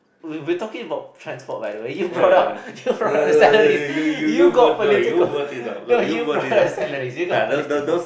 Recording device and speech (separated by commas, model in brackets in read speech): boundary microphone, conversation in the same room